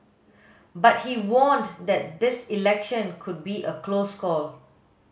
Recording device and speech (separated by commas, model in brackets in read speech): mobile phone (Samsung S8), read sentence